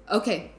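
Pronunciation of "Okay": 'Okay' is said in a tone of confirmation.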